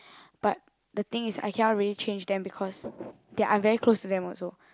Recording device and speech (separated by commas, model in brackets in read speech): close-talking microphone, conversation in the same room